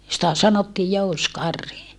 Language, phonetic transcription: Finnish, sⁱtä sanottii jouskarhi .
- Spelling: sitä sanottiin jousikarhi

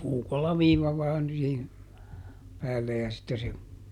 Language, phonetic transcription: Finnish, ˈpuukolla ˈviiva vaan siihin , ˈpäälle ja sitte se ,.
- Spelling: puukolla viiva vain siihen päälle ja sitten se

